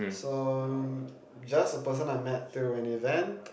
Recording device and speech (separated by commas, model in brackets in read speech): boundary microphone, conversation in the same room